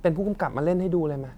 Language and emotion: Thai, frustrated